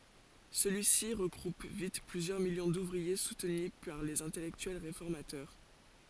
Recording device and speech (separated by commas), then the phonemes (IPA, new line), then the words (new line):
forehead accelerometer, read sentence
səlyi si ʁəɡʁup vit plyzjœʁ miljɔ̃ duvʁie sutny paʁ lez ɛ̃tɛlɛktyɛl ʁefɔʁmatœʁ
Celui-ci regroupe vite plusieurs millions d'ouvriers soutenus par les intellectuels réformateurs.